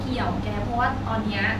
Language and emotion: Thai, neutral